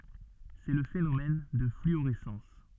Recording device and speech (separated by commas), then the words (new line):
soft in-ear microphone, read sentence
C'est le phénomène de fluorescence.